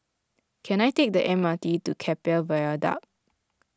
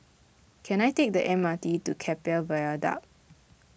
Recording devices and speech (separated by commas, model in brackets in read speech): close-talking microphone (WH20), boundary microphone (BM630), read sentence